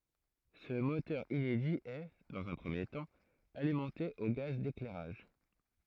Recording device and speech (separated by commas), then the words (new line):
throat microphone, read sentence
Ce moteur inédit est, dans un premier temps, alimenté au gaz d'éclairage.